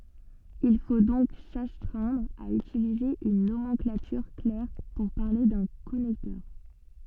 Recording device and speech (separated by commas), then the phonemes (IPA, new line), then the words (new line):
soft in-ear microphone, read sentence
il fo dɔ̃k sastʁɛ̃dʁ a ytilize yn nomɑ̃klatyʁ klɛʁ puʁ paʁle dœ̃ kɔnɛktœʁ
Il faut donc s'astreindre à utiliser une nomenclature claire pour parler d'un connecteur.